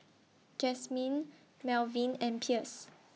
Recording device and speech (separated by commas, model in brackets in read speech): mobile phone (iPhone 6), read sentence